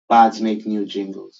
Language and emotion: English, disgusted